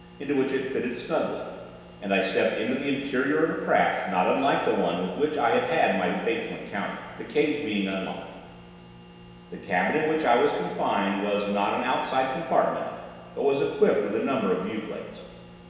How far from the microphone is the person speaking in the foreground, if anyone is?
1.7 m.